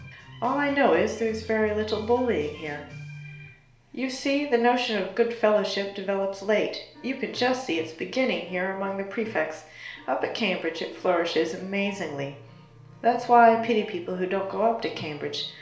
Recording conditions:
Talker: one person; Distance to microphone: 1.0 m; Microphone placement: close; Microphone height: 1.1 m; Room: small (3.7 m by 2.7 m); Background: music

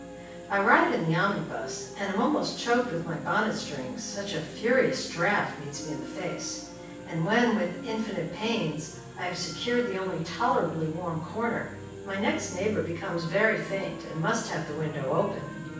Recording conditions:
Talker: one person; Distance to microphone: 9.8 m; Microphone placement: far; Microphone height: 1.8 m; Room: large; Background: television

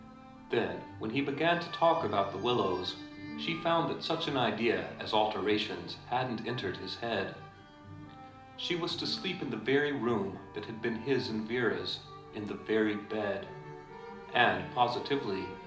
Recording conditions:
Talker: one person; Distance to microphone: 2.0 m; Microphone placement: close; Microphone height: 99 cm; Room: medium-sized (5.7 m by 4.0 m); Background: music

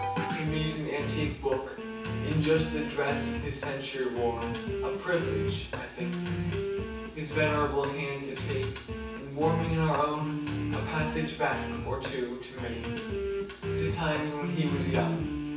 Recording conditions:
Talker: one person; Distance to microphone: 9.8 m; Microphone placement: far; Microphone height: 1.8 m; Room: large; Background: music

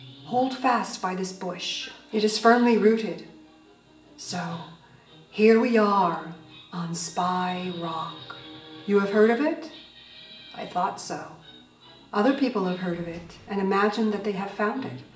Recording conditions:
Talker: one person; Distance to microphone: 1.8 m; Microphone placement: close; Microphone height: 1.0 m; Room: large; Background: television

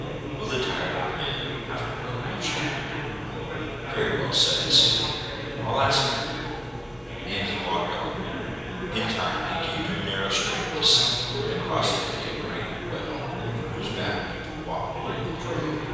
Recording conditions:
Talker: one person; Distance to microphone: 7.1 m; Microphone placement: far; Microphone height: 1.7 m; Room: very reverberant, large; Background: babble

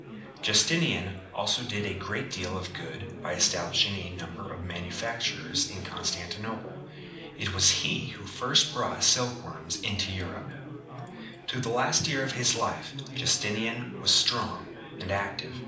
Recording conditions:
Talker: one person; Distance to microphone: 2.0 m; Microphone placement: close; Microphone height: 99 cm; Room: medium-sized (5.7 m by 4.0 m); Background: babble

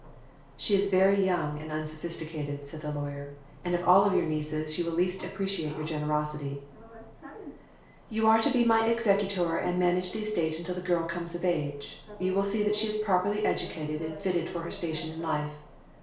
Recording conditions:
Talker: one person; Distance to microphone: 1.0 m; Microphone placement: close; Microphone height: 1.1 m; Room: small (3.7 m by 2.7 m); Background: television

